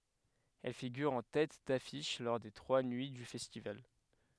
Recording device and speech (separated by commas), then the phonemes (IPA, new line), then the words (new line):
headset microphone, read sentence
ɛl fiɡyʁ ɑ̃ tɛt dafiʃ lɔʁ de tʁwa nyi dy fɛstival
Elle figure en tête d'affiche lors des trois nuits du festival.